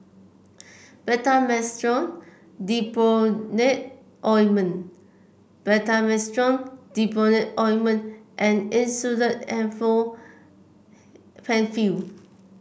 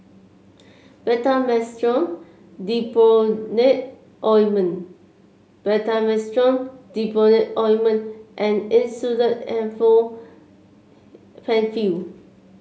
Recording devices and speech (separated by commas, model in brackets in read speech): boundary microphone (BM630), mobile phone (Samsung C7), read sentence